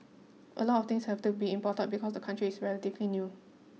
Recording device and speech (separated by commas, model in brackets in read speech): mobile phone (iPhone 6), read sentence